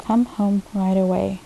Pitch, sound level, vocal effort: 195 Hz, 76 dB SPL, soft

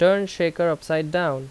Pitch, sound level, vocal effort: 170 Hz, 87 dB SPL, loud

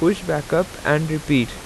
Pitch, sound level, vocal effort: 155 Hz, 86 dB SPL, normal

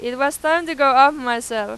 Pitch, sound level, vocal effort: 275 Hz, 100 dB SPL, very loud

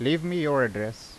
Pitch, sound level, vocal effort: 130 Hz, 87 dB SPL, normal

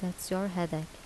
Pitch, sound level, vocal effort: 180 Hz, 76 dB SPL, soft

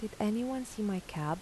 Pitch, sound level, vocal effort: 210 Hz, 80 dB SPL, soft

